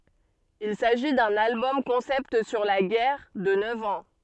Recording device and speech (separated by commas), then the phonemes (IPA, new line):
soft in-ear microphone, read sentence
il saʒi dœ̃n albɔm kɔ̃sɛpt syʁ la ɡɛʁ də nœv ɑ̃